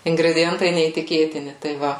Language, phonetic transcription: Lithuanian, ingrediˈjentai neįtiˈkėtini tai ˈva

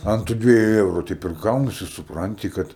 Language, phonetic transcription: Lithuanian, ˈant tu ˈdvieju ˈeuru ˈteip ir ˈgaunasi supˈranti ˈkad

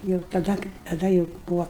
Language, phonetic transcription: Lithuanian, jau taˈda taˈda jau ˈbūvo

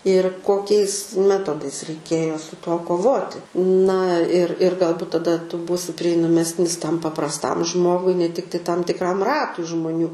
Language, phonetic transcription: Lithuanian, ir koˈkiais ˈmetodais reiˈkėjo su ˈtuo koˈvoti na ir ir galˈbut taˈda ˈtu ˈbūsi prieinaˈmesnis ˈtam paprasˈtam ˈžmogui ne ˈtiktai ˈtam tikˈram ˈratui žmuˈnių

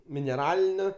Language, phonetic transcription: Lithuanian, mineˈralinio

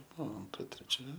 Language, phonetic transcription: Lithuanian, ˈbuo anˈtra treˈčia

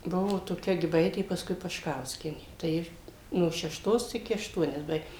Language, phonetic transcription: Lithuanian, ˈbuvo toˈkia giˈbaitė paskui pašˈkauskienė tai ˈji no šešˈtos iˈki ašˈtuonias ˈbaig

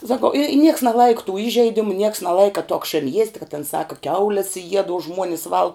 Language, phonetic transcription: Lithuanian, saˈkau i nieks neˈlaika tū ˈižeidimu nieks neˈlaika to akˈšėn jiest' ka tin ˈsaka ˈkiaules jied o ˈžmuonis ˈvalg

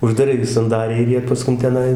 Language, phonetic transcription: Lithuanian, uždaˈrai gi sanˈdariai ir ˈjie paˈskun teˈnai

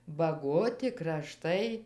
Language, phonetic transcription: Lithuanian, baˈgoti kraˈštai

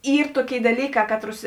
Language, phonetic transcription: Lithuanian, ˈyr ˈtuoˌkėi daˈlyˌkā ˈkatˌrus

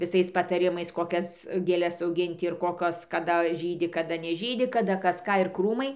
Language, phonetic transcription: Lithuanian, viˈsais pataˈrimais koˈkias gėˈles auˈginti ir ˈkokios kaˈda žydi kaˈda neˈžydi kaˈda ˈkas ˈką ir ˈkrūmai

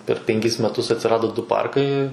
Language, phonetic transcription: Lithuanian, per penˈkis meˈtus atsiˈrado ˈdu ˈparkai

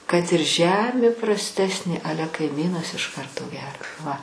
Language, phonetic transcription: Lithuanian, kad ir ˈžemė prasˈtesnė ˈale kaiˈmynas iš ˈkarto ˈgera va

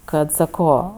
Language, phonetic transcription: Lithuanian, ˈkad saˈko

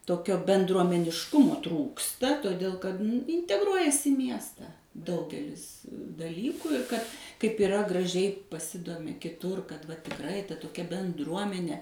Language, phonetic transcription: Lithuanian, toˈkio bendruomenišˈkumo ˈtrūksta toˈdėl kad inteˈgruojas i ˈmiesta ˈdaugelis daˈlyku ir kad kaip iˈra graˈžiai paˈsidomi kiˈtur kad va tikˈrai ta toˈkia benˈdruomene

